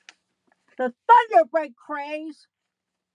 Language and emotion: English, angry